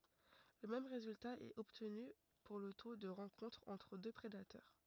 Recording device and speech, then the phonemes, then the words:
rigid in-ear microphone, read sentence
lə mɛm ʁezylta ɛt ɔbtny puʁ lə to də ʁɑ̃kɔ̃tʁ ɑ̃tʁ dø pʁedatœʁ
Le même résultat est obtenu pour le taux de rencontre entre deux prédateurs.

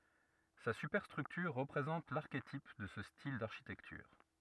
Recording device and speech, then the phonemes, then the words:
rigid in-ear microphone, read sentence
sa sypɛʁstʁyktyʁ ʁəpʁezɑ̃t laʁketip də sə stil daʁʃitɛktyʁ
Sa superstructure représente l'archétype de ce style d'architecture.

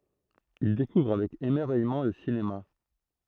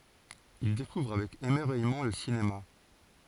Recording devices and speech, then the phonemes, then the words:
throat microphone, forehead accelerometer, read sentence
il dekuvʁ avɛk emɛʁvɛjmɑ̃ lə sinema
Il découvre avec émerveillement le cinéma.

